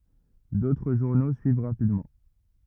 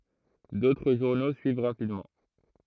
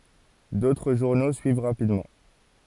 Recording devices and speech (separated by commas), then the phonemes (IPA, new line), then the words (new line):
rigid in-ear microphone, throat microphone, forehead accelerometer, read sentence
dotʁ ʒuʁno syiv ʁapidmɑ̃
D'autres journaux suivent rapidement.